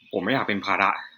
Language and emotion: Thai, frustrated